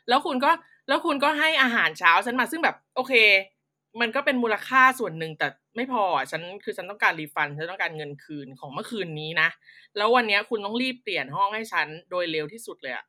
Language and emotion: Thai, frustrated